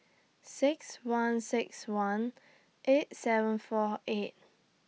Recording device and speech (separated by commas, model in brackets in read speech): mobile phone (iPhone 6), read sentence